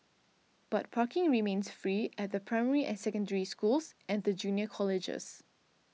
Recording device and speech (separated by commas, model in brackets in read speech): mobile phone (iPhone 6), read sentence